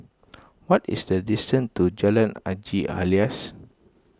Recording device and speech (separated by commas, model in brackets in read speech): close-talking microphone (WH20), read sentence